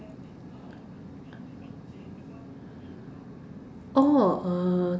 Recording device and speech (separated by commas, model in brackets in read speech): standing microphone, conversation in separate rooms